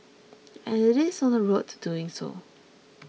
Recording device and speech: mobile phone (iPhone 6), read sentence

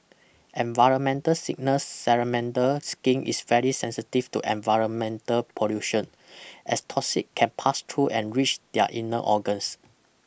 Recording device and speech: boundary microphone (BM630), read sentence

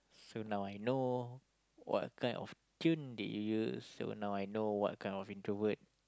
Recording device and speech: close-talking microphone, conversation in the same room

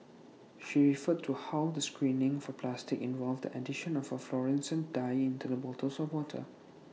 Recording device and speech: mobile phone (iPhone 6), read sentence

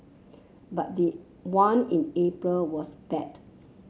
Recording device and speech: mobile phone (Samsung C7), read sentence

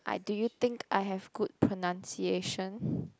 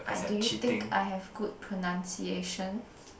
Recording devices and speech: close-talking microphone, boundary microphone, conversation in the same room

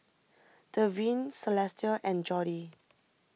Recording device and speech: mobile phone (iPhone 6), read sentence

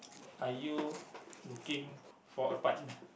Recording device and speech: boundary microphone, conversation in the same room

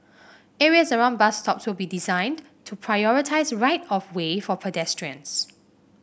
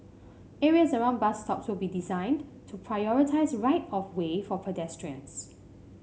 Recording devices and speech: boundary microphone (BM630), mobile phone (Samsung C5), read sentence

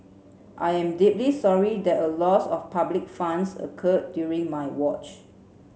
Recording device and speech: mobile phone (Samsung C7), read sentence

